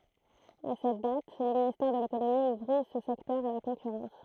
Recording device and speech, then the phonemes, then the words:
throat microphone, read sentence
a sɛt dat lə ministɛʁ də lekonomi uvʁi sə sɛktœʁ a la kɔ̃kyʁɑ̃s
À cette date, le ministère de l'économie ouvrit ce secteur à la concurrence.

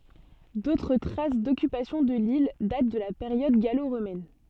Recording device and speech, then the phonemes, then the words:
soft in-ear microphone, read sentence
dotʁ tʁas dɔkypasjɔ̃ də lil dat də la peʁjɔd ɡalo ʁomɛn
D'autres traces d'occupation de l'île datent de la période gallo-romaine.

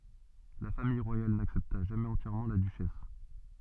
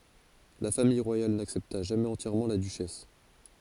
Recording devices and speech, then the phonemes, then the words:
soft in-ear microphone, forehead accelerometer, read sentence
la famij ʁwajal naksɛpta ʒamɛz ɑ̃tjɛʁmɑ̃ la dyʃɛs
La famille royale n'accepta jamais entièrement la duchesse.

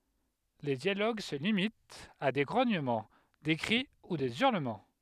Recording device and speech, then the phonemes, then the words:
headset microphone, read sentence
le djaloɡ sə limitt a de ɡʁoɲəmɑ̃ de kʁi u de yʁləmɑ̃
Les dialogues se limitent à des grognements, des cris ou des hurlements.

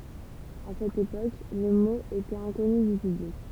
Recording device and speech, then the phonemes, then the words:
temple vibration pickup, read sentence
a sɛt epok lə mo etɛt ɛ̃kɔny dy pyblik
À cette époque, le mot était inconnu du public.

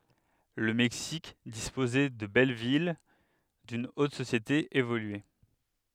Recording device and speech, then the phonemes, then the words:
headset microphone, read sentence
lə mɛksik dispozɛ də bɛl vil dyn ot sosjete evolye
Le Mexique disposait de belles villes, d'une haute société évoluée.

